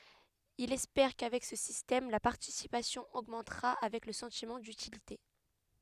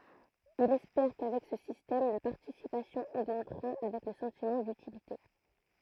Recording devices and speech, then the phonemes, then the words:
headset microphone, throat microphone, read sentence
ilz ɛspɛʁ kavɛk sə sistɛm la paʁtisipasjɔ̃ oɡmɑ̃tʁa avɛk lə sɑ̃timɑ̃ dytilite
Ils espèrent qu'avec ce système, la participation augmentera avec le sentiment d'utilité.

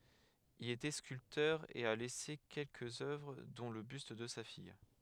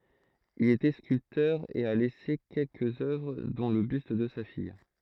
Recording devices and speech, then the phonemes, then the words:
headset microphone, throat microphone, read sentence
il etɛ skyltœʁ e a lɛse kɛlkəz œvʁ dɔ̃ lə byst də sa fij
Il était sculpteur et a laissé quelques œuvres dont le buste de sa fille.

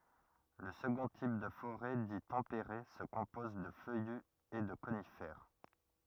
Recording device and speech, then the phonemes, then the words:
rigid in-ear microphone, read sentence
lə səɡɔ̃ tip də foʁɛ di tɑ̃peʁe sə kɔ̃pɔz də fœjy e də konifɛʁ
Le second type de forêt dit tempéré se compose de feuillus et de conifères.

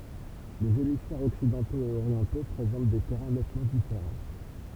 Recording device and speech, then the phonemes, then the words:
temple vibration pickup, read sentence
lez emisfɛʁz ɔksidɑ̃toz e oʁjɑ̃to pʁezɑ̃t de tɛʁɛ̃ nɛtmɑ̃ difeʁɑ̃
Les hémisphères occidentaux et orientaux présentent des terrains nettement différents.

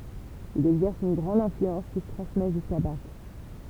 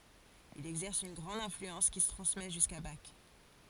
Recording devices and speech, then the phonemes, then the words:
temple vibration pickup, forehead accelerometer, read sentence
il ɛɡzɛʁs yn ɡʁɑ̃d ɛ̃flyɑ̃s ki sə tʁɑ̃smɛ ʒyska bak
Il exerce une grande influence qui se transmet jusqu'à Bach.

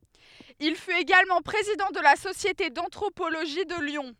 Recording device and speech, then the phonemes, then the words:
headset microphone, read sentence
il fyt eɡalmɑ̃ pʁezidɑ̃ də la sosjete dɑ̃tʁopoloʒi də ljɔ̃
Il fut également président de la Société d'anthropologie de Lyon.

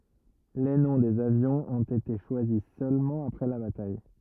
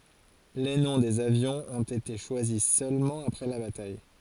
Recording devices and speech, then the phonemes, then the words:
rigid in-ear microphone, forehead accelerometer, read sentence
le nɔ̃ dez avjɔ̃z ɔ̃t ete ʃwazi sølmɑ̃ apʁɛ la bataj
Les noms des avions ont été choisis seulement après la bataille.

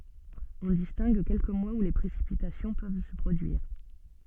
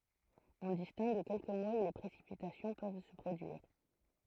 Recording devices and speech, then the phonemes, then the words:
soft in-ear microphone, throat microphone, read sentence
ɔ̃ distɛ̃ɡ kɛlkə mwaz u le pʁesipitasjɔ̃ pøv sə pʁodyiʁ
On distingue quelques mois où les précipitations peuvent se produire.

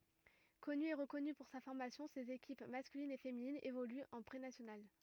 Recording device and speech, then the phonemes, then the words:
rigid in-ear microphone, read sentence
kɔny e ʁəkɔny puʁ sa fɔʁmasjɔ̃ sez ekip maskylin e feminin evolyt ɑ̃ pʁenasjonal
Connu et reconnu pour sa formation ses équipes masculine et féminine évoluent en Prénationale.

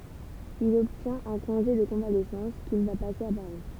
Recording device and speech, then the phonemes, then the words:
temple vibration pickup, read sentence
il ɔbtjɛ̃t œ̃ kɔ̃ʒe də kɔ̃valɛsɑ̃s kil va pase a paʁi
Il obtient un congé de convalescence qu'il va passer à Paris.

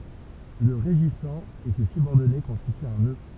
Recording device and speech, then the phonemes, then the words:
temple vibration pickup, read sentence
lə ʁeʒisɑ̃ e se sybɔʁdɔne kɔ̃stityt œ̃ nø
Le régissant et ses subordonnés constituent un nœud.

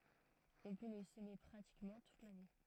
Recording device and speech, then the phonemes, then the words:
throat microphone, read sentence
ɔ̃ pø lə səme pʁatikmɑ̃ tut lane
On peut le semer pratiquement toute l'année.

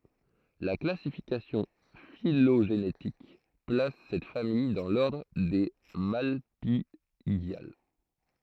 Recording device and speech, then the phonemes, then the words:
throat microphone, read sentence
la klasifikasjɔ̃ filoʒenetik plas sɛt famij dɑ̃ lɔʁdʁ de malpiɡjal
La classification phylogénétique place cette famille dans l'ordre des Malpighiales.

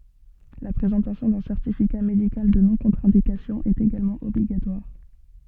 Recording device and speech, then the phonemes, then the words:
soft in-ear microphone, read sentence
la pʁezɑ̃tasjɔ̃ dœ̃ sɛʁtifika medikal də nɔ̃kɔ̃tʁɛ̃dikasjɔ̃ ɛt eɡalmɑ̃ ɔbliɡatwaʁ
La présentation d'un certificat médical de non-contre-indication est également obligatoire.

